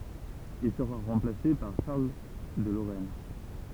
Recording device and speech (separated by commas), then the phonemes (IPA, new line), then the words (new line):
temple vibration pickup, read sentence
il səʁa ʁɑ̃plase paʁ ʃaʁl də loʁɛn
Il sera remplacé par Charles de Lorraine.